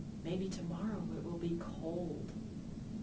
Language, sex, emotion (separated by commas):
English, female, neutral